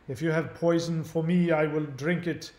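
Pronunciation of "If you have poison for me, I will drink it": The line is spoken in a put-on, bad, posh British accent.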